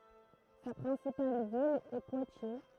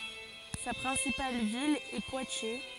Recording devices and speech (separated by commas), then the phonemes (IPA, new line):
throat microphone, forehead accelerometer, read sentence
sa pʁɛ̃sipal vil ɛ pwatje